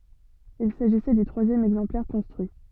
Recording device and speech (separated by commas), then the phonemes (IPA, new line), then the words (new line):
soft in-ear microphone, read sentence
il saʒisɛ dy tʁwazjɛm ɛɡzɑ̃plɛʁ kɔ̃stʁyi
Il s'agissait du troisième exemplaire construit.